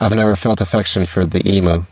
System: VC, spectral filtering